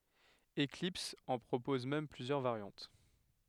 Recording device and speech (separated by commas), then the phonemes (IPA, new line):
headset microphone, read sentence
eklips ɑ̃ pʁopɔz mɛm plyzjœʁ vaʁjɑ̃t